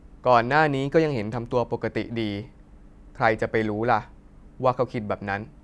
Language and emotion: Thai, neutral